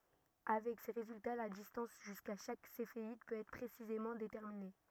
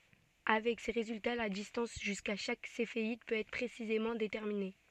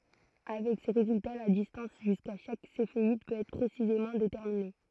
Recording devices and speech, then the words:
rigid in-ear microphone, soft in-ear microphone, throat microphone, read sentence
Avec ces résultats, la distance jusqu'à chaque Céphéide peut être précisément déterminée.

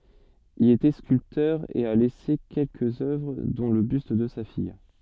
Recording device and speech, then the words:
soft in-ear microphone, read sentence
Il était sculpteur et a laissé quelques œuvres dont le buste de sa fille.

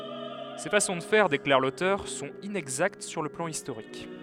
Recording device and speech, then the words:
headset microphone, read sentence
Ces façons de faire, déclare l'auteur, sont inexactes sur le plan historique.

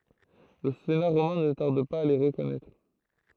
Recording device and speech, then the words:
throat microphone, read sentence
Le Sénat romain ne tarde pas à les reconnaître.

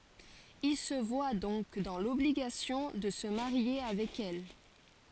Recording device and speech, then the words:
forehead accelerometer, read sentence
Il se voit donc dans l’obligation de se marier avec elle.

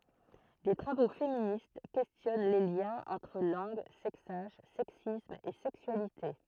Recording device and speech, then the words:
throat microphone, read sentence
Des travaux féministes questionnent les liens entre langue, sexage, sexisme et sexualité.

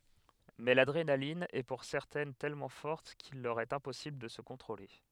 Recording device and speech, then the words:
headset microphone, read sentence
Mais l’adrénaline est pour certaines tellement forte qu'il leur est impossible de se contrôler.

